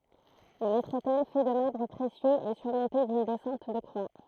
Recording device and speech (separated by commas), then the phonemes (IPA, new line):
throat microphone, read sentence
lə mɛtʁ otɛl fɛ də maʁbʁ pʁesjøz ɛ syʁmɔ̃te dyn dɛsɑ̃t də kʁwa